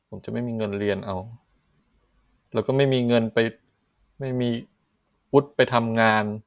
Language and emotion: Thai, frustrated